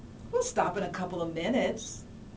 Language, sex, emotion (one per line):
English
female
happy